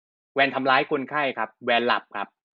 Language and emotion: Thai, neutral